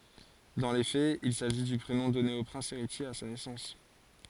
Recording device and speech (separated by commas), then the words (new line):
forehead accelerometer, read sentence
Dans les faits, il s'agit du prénom donné au prince héritier à sa naissance.